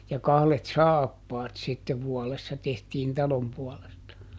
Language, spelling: Finnish, ja kahdet saappaat sitten vuodessa tehtiin talon puolesta
- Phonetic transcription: ja ˈkahlet "saappaat sittev ˈvuɔlessa ˈtehtiin "talom puɔlesta .

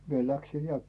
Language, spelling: Finnish, minä lähdin ja
- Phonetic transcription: 'mie "läksin̬ 'ja .

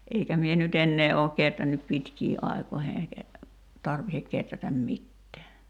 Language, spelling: Finnish, eikä minä nyt enää ole kehrännyt pitkiin aikoihin eikä tarvitse kehrätä mitään
- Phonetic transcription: 'eikä mie ny"t ‿ennee ook 'ketrännyp "pitkii’ '’ai̬koihe eikä , 'tarvihek 'keträtäm "mittɛä .

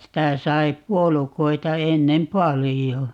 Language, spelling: Finnish, sitä sai puolukoita ennen paljon
- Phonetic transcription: 'sitä 'sai "puolukoita 'ennem "palijo .

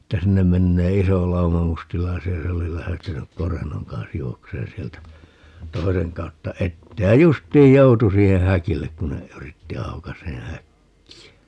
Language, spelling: Finnish, että sinne menee iso lauma mustalaisia ja se oli lähtenyt korennon kanssa juoksemaan sieltä toisen kautta eteen ja justiin joutui siihen häkille kun ne yritti aukaisemaan häkkiä
- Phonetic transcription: että 'sinnem 'mennee "iso 'lauma 'mustilaisi₍a ja se oli 'lähtenyk "korennoŋ kans 'juokseen 'sieltä , 'toiseŋ 'kautta "ettee ja "just̀iij 'joutu 'siihe "häkillek 'kun ne , 'yritti 'aukasee "häkki₍ä .

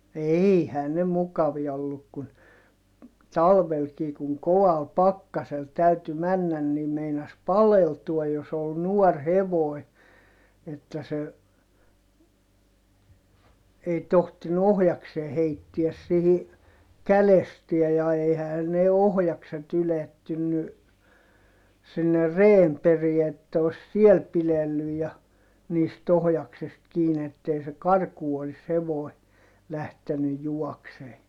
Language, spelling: Finnish, eihän ne mukavia ollut kun talvellakin kun kovalla pakkasella täytyi mennä niin meinasi paleltua jos oli nuori hevonen että se ei tohtinut ohjasta heittää siihen kädestään ja eihän ne ohjakset ylettynyt sinne reen perään että olisi siellä pidetty ja niistä ohjaksesta kiinni että ei se karkuun olisi hevonen lähtenyt juoksemaan
- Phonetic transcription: eihää ne mukavia olluk kun , talvelkii kuŋ koval pakkasel täyty männän nim meinas paleltuaj jos ‿ol nuɔr hevòi̮ , että se , ei tohtinu ohjaksee heittiäs sihi , kälestiäj ja eihähän ne ohjakset ‿ylettynny , sinne reem perie että os siel pilellyj ja , niist ‿ohjaksest kiin ‿ettei se karkuu olis hevòi̮ , lähteny juɔksee .

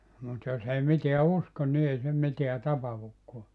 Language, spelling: Finnish, mutta jos ei mitään usko niin ei se mitään tapahdukaan
- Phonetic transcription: mut 'jos ‿ei 'miteä "uskon ni 'ei se 'miteä 'tapahukkoa .

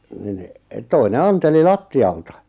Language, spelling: Finnish, niin toinen antoi lattialta
- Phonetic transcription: nin , toine 'anteli "latti₍alta .

